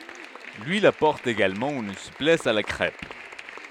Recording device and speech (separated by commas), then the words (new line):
headset microphone, read sentence
L'huile apporte également une souplesse à la crêpe.